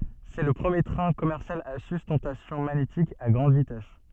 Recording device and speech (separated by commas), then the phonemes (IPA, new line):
soft in-ear microphone, read sentence
sɛ lə pʁəmje tʁɛ̃ kɔmɛʁsjal a systɑ̃tasjɔ̃ maɲetik a ɡʁɑ̃d vitɛs